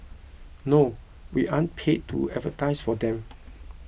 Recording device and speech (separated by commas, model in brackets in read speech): boundary microphone (BM630), read sentence